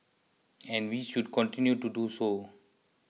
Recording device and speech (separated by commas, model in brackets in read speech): mobile phone (iPhone 6), read sentence